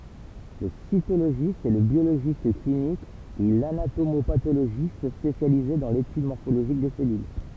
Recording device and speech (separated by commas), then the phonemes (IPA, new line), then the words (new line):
temple vibration pickup, read sentence
lə sitoloʒist ɛ lə bjoloʒist klinik u lanatomopatoloʒist spesjalize dɑ̃ letyd mɔʁfoloʒik de sɛlyl
Le cytologiste est le biologiste clinique ou l'anatomo-pathologiste spécialisé dans l'étude morphologique des cellules.